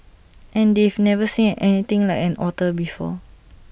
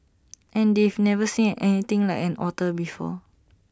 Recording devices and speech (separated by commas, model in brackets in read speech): boundary microphone (BM630), standing microphone (AKG C214), read sentence